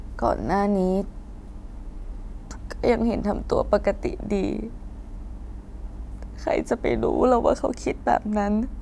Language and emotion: Thai, sad